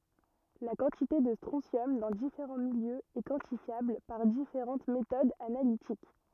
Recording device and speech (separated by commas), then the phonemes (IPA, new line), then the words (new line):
rigid in-ear microphone, read sentence
la kɑ̃tite də stʁɔ̃sjɔm dɑ̃ difeʁɑ̃ miljøz ɛ kwɑ̃tifjabl paʁ difeʁɑ̃t metodz analitik
La quantité de strontium dans différents milieux est quantifiable par différentes méthodes analytiques.